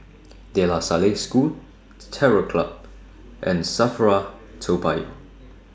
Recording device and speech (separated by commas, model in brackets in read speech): standing microphone (AKG C214), read sentence